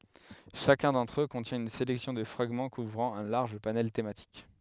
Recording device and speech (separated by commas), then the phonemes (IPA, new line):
headset microphone, read sentence
ʃakœ̃ dɑ̃tʁ ø kɔ̃tjɛ̃ yn selɛksjɔ̃ də fʁaɡmɑ̃ kuvʁɑ̃ œ̃ laʁʒ panɛl tematik